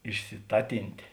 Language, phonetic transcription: Lithuanian, išsiˈtatintė

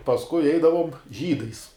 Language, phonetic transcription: Lithuanian, pasˈkui ˈeidavom ˈžydais

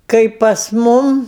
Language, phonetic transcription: Lithuanian, ˈkaip pas ˈmum

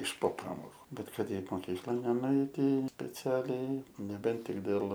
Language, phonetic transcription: Lithuanian, iš po ˈpamoku ˈbet ˈkad ˈeit moˈkyklan nenuˈeiti speˈcialiai neˈbent ˈtik dėl

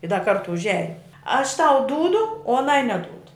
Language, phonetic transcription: Lithuanian, i da ˈkartu užˈiajum aš tau ˈdūdu o aˈnai neˈdūdu

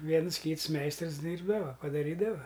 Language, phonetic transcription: Lithuanian, ˈviens ˈkyts ˈmeistrs ˈdyrbdava padaˈrydava

